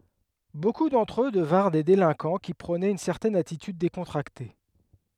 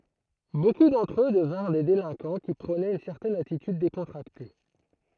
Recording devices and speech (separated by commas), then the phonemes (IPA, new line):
headset microphone, throat microphone, read sentence
boku dɑ̃tʁ ø dəvɛ̃ʁ de delɛ̃kɑ̃ ki pʁonɛt yn sɛʁtɛn atityd dekɔ̃tʁakte